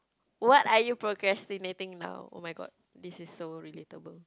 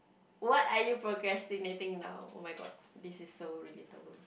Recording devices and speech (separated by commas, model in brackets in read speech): close-talking microphone, boundary microphone, conversation in the same room